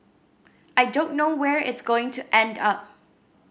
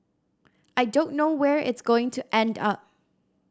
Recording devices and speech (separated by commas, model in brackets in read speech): boundary microphone (BM630), standing microphone (AKG C214), read sentence